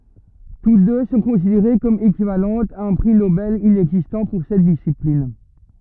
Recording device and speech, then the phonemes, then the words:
rigid in-ear microphone, read sentence
tut dø sɔ̃ kɔ̃sideʁe kɔm ekivalɑ̃tz a œ̃ pʁi nobɛl inɛɡzistɑ̃ puʁ sɛt disiplin
Toutes deux sont considérées comme équivalentes à un prix Nobel inexistant pour cette discipline.

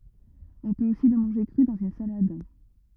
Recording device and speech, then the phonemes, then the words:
rigid in-ear microphone, read sentence
ɔ̃ pøt osi lə mɑ̃ʒe kʁy dɑ̃z yn salad
On peut aussi le manger cru, dans une salade.

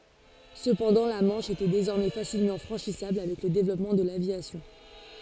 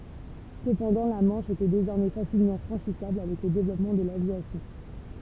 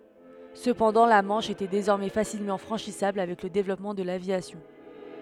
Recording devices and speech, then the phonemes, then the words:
forehead accelerometer, temple vibration pickup, headset microphone, read sentence
səpɑ̃dɑ̃ la mɑ̃ʃ etɛ dezɔʁmɛ fasilmɑ̃ fʁɑ̃ʃisabl avɛk lə devlɔpmɑ̃ də lavjasjɔ̃
Cependant la Manche était désormais facilement franchissable avec le développement de l'aviation.

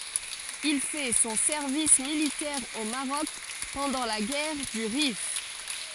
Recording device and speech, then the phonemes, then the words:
forehead accelerometer, read sentence
il fɛ sɔ̃ sɛʁvis militɛʁ o maʁɔk pɑ̃dɑ̃ la ɡɛʁ dy ʁif
Il fait son service militaire au Maroc pendant la guerre du Rif.

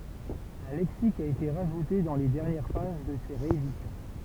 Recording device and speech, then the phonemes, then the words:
temple vibration pickup, read sentence
œ̃ lɛksik a ete ʁaʒute dɑ̃ le dɛʁnjɛʁ paʒ də se ʁeedisjɔ̃
Un lexique a été rajouté dans les dernières pages de ces rééditions.

